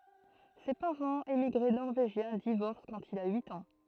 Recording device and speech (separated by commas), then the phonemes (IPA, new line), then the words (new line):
throat microphone, read sentence
se paʁɑ̃z emiɡʁe nɔʁveʒjɛ̃ divɔʁs kɑ̃t il a yit ɑ̃
Ses parents, émigrés norvégiens, divorcent quand il a huit ans.